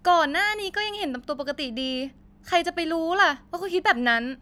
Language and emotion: Thai, frustrated